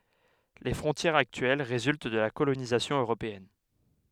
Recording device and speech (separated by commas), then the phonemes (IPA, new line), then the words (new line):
headset microphone, read sentence
le fʁɔ̃tjɛʁz aktyɛl ʁezylt də la kolonizasjɔ̃ øʁopeɛn
Les frontières actuelles résultent de la colonisation européenne.